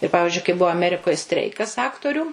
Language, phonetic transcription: Lithuanian, ir ˈpavižiui kai ˈbuva aˈmerikoj ˈstreikas ˈaktorių

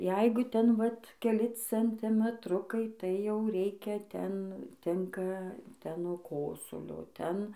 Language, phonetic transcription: Lithuanian, ˈjeigu ˈten vat keˈli centimetˈrukai tai jau ˈreikia ˈten ˈtinka ˈten nuo ˈkosulio ˈten

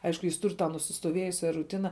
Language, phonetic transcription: Lithuanian, ˈaišku ˈjis ˈtur' ta nusistoˈvėjusia ruˈtina

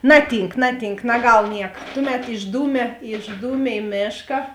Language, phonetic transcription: Lithuanian, ˈnaˌtynk ˈnaˌtynk naˈgal ˈnieka ˈtuˌmet išˈdūmė išˈdūme i ˈmėška

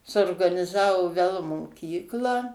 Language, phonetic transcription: Lithuanian, suorganiˈzavo vel moˈkyklą

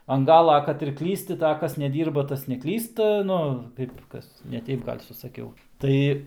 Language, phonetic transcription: Lithuanian, an ˈgala ˈkad ir ˈklysti tai a ˈkas neˈdyrba ˈtas neˈklysta ˈnu ˈkaip ˈkas neˈteip ˈgal' susaˈkiau ˈtai

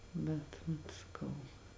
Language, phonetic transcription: Lithuanian, ˈbet vat saˈkau

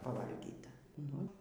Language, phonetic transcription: Lithuanian, paˈvalgyta ˈnu

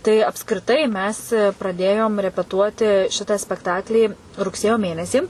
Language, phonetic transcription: Lithuanian, tai apskriˈtai ˈmes praˈdėjom repeˈtuoti ˈšita spekˈtaklį rugˈsėjo ˈmėnesį

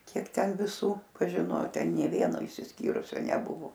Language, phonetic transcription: Lithuanian, ˈkiek ˈten viˈsų pažiˈno ˈten nė ˈvieno išsisˈkyrusio neˈbuvo

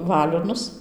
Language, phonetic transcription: Lithuanian, ˈvalionus

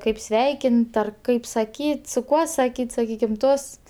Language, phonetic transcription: Lithuanian, ˈkaip ˈsveikint ar ˈkaip sakyt' su ˈkuo saˈkyt' saˈkykim ˈtosts

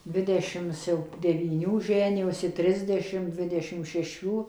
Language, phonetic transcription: Lithuanian, ˈdvidešims jau devyˈnių ˈženijosi ˈtrisdešim ˈdvidešim šeˈšių

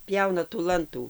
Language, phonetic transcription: Lithuanian, ˈpjauna tų ˈlantų

